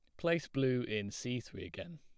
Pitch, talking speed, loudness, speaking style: 125 Hz, 200 wpm, -37 LUFS, plain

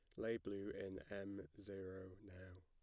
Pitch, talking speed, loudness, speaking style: 95 Hz, 150 wpm, -50 LUFS, plain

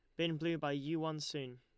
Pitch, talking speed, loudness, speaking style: 155 Hz, 260 wpm, -39 LUFS, Lombard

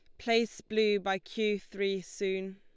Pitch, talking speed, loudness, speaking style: 200 Hz, 155 wpm, -32 LUFS, Lombard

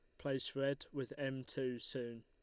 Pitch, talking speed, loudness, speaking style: 135 Hz, 175 wpm, -42 LUFS, Lombard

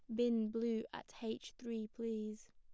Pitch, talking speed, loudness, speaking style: 225 Hz, 155 wpm, -41 LUFS, plain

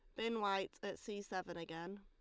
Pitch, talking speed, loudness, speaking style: 195 Hz, 200 wpm, -43 LUFS, Lombard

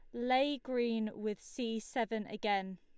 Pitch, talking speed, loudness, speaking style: 225 Hz, 140 wpm, -36 LUFS, Lombard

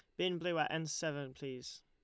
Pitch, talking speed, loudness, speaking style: 155 Hz, 220 wpm, -39 LUFS, Lombard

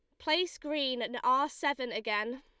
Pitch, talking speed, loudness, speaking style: 265 Hz, 165 wpm, -32 LUFS, Lombard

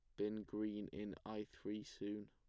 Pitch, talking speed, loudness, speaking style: 105 Hz, 170 wpm, -47 LUFS, plain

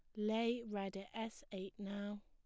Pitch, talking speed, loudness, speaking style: 205 Hz, 175 wpm, -43 LUFS, plain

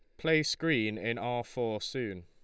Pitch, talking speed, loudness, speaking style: 120 Hz, 175 wpm, -32 LUFS, Lombard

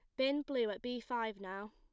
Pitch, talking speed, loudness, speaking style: 245 Hz, 235 wpm, -38 LUFS, plain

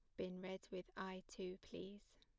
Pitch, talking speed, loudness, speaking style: 190 Hz, 180 wpm, -51 LUFS, plain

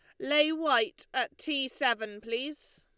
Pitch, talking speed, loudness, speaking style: 290 Hz, 140 wpm, -29 LUFS, Lombard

